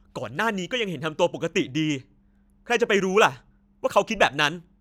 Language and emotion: Thai, angry